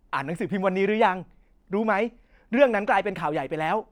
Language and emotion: Thai, frustrated